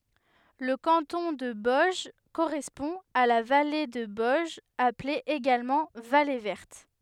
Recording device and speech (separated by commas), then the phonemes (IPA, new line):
headset microphone, read sentence
lə kɑ̃tɔ̃ də bɔɛʒ koʁɛspɔ̃ a la vale də bɔɛʒ aple eɡalmɑ̃ vale vɛʁt